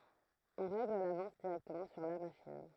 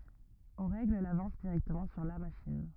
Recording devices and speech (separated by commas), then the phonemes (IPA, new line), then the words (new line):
throat microphone, rigid in-ear microphone, read sentence
ɔ̃ ʁɛɡl lavɑ̃s diʁɛktəmɑ̃ syʁ la maʃin
On règle l'avance directement sur la machine.